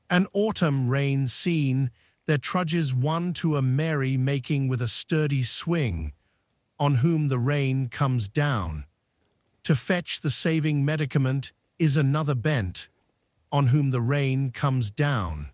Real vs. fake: fake